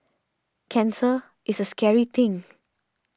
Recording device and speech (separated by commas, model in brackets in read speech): standing microphone (AKG C214), read sentence